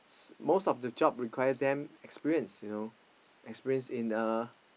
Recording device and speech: boundary microphone, conversation in the same room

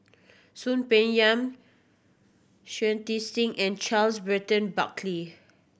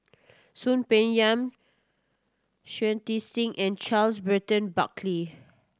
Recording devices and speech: boundary microphone (BM630), standing microphone (AKG C214), read sentence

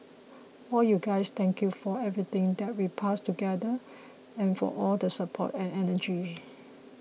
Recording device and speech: mobile phone (iPhone 6), read sentence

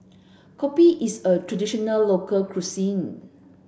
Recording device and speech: boundary microphone (BM630), read sentence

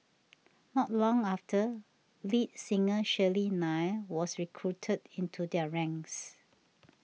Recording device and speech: mobile phone (iPhone 6), read sentence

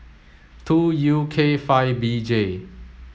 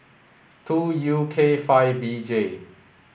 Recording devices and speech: mobile phone (Samsung S8), boundary microphone (BM630), read sentence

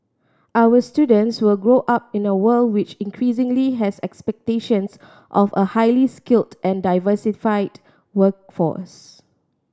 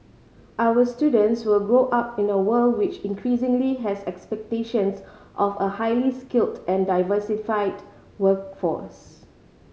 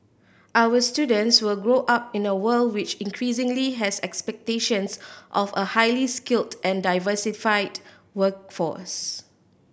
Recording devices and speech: standing microphone (AKG C214), mobile phone (Samsung C5010), boundary microphone (BM630), read sentence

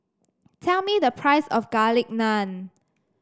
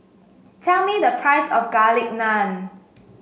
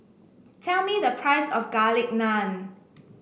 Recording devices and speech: standing microphone (AKG C214), mobile phone (Samsung S8), boundary microphone (BM630), read sentence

